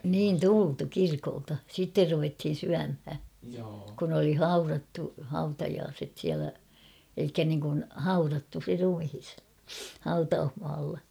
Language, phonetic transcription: Finnish, niin "tultu 'kirkolta , 'sitter ruvethin̬ 'syämhä , kun oli "haurattu , 'hautajaaset siälä , elikkä niŋkun , "haurattu se 'rumhis , 'hautauhmaalla .
- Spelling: niin tultu kirkolta sitten ruvettiin syömään kun oli haudattu hautajaiset siellä eli niin kuin haudattu se ruumis hautausmaalla

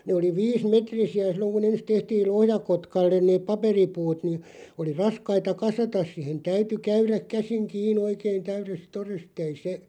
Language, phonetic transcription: Finnish, nè oli 'viis"metrisi₍ä 'sil̆loŋ ku"n( ‿ens) tehtiin̬ (sill̆lel 'Lohja)kotkalleⁿ neeᵖ "paperipuut nii , oli "raskaita "kasatas sihen "täyty 'käyräᵏ 'käsiŋ 'kii'n ‿oikein 'täyrest "tores't ‿ei se ,.
- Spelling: ne oli viisimetrisiä silloin kun ensin tehtiin sille Lohjakotkalle ne paperipuut niin oli raskaita kasata siihen täytyi käydä käsin kiinni oikein täydestä todesta ei se

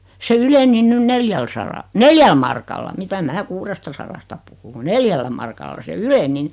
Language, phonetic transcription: Finnish, se 'yleni 'nyn "neljäl sara- , "neljäl markalla 'mitä 'mää "kuurestasarasta puhu ku "neljällä markalla se "yleni (ni) .
- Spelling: se yleni nyt neljällä - neljällä markalla mitä minä kuudestasadasta puhun kun neljällä markalla se yleni niin

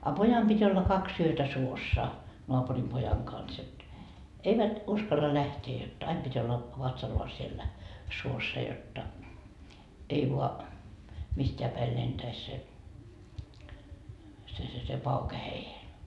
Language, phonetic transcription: Finnish, a "pojam pit́ olla "kaksi yötä 'suossa , noapurim 'pojaŋ kans et , 'eivät , "uskalla 'lähtee jot , 'aim pit́ olla , 'vatsallaa siellä , "suossa jotta , 'ei voa , 'mist́eä päi 'lentäis se , se se se "pauke 'heijen .
- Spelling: a pojan piti olla kaksi yötä suossa naapurin pojan kanssa että eivät uskalla lähteä jotta aina piti olla vatsallaan siellä suossa jotta ei vain mistään päin lentäisi se se se se pauke heidän

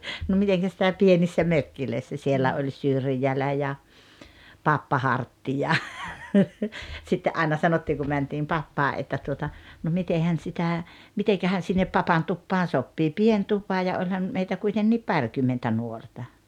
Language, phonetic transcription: Finnish, no 'miteŋkä sitä 'pienissä "mökkilöissä sielä oĺ "Syrjälä ja , "Pappa "Hartti ja , sitte '’aina 'sanottiiŋ ku 'mäntiim "Pappaa’ ’että tuota , » no 'mitehän sitä , 'mitekähän sinnep 'Papan "tuppaan 'soppii « "pien "tupa ja 'oĺhan , meitä 'kuitenniip "parkymmentä 'nuorta .
- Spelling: no miten sitä pienissä mökeissä siellä oli Syrjälä ja Pappa Hartti ja sitten aina sanottiin kun mentiin Pappaan että tuota no mitenhän sitä mitenkähän sinne Papan tupaan sopii pieni tupa ja olihan meitä kuitenkin parikymmentä nuorta

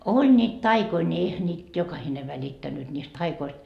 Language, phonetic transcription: Finnish, 'oĺ ńiit "taikoi ńi 'eihä ńiit , jokahine välittännyt ńiist "taikoist .
- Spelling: oli niitä taikoja niin eihän niitä jokainen välittänyt niistä taioista

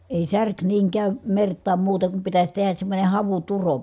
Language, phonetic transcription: Finnish, èi särk niiŋ kä̀ym mert̆taam muuteŋ kum pitäś tehäs semmońe havuturo .
- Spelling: ei särki niin käy mertaan muuten kuin pitäisi tehdä semmoinen havuturo

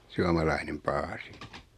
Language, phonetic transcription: Finnish, 'suamalainem 'paasi .
- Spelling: suomalainen paasi

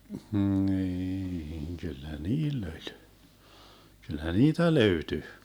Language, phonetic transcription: Finnish, 'hniiŋ 'kyllä "niill ‿oĺ , kyllä "niitä 'löyty .
- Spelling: niin kyllä niillä oli kyllä niitä löytyi

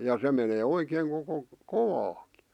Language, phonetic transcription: Finnish, ja 'se menee 'oikeeŋ koko , "kovaakɪ .
- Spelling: ja se menee oikein koko kovaakin

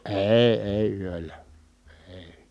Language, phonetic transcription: Finnish, èi̮ èi yöllä , èi .
- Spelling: ei ei yöllä ei

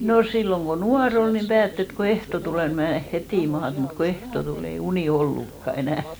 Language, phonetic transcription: Finnish, no 'silloŋ ko "nua'r ‿ol nim 'päätt ‿et ko "ehto 'tulè ni mnè 'hetì 'maat , mut ko "ehto 'tul ‿ei "unì 'ollukka 'enä̀ .
- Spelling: no silloin kun nuori oli niin päätti että kun ehtoo tulee niin menee heti maata mutta kun ehtoo tuli ei uni ollutkaan enää

